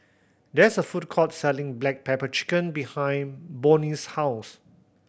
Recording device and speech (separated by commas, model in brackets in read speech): boundary microphone (BM630), read sentence